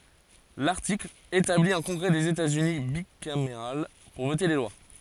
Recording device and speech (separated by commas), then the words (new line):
forehead accelerometer, read sentence
L'article établit un congrès des États-Unis bicaméral pour voter les lois.